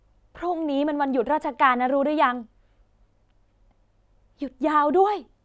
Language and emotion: Thai, sad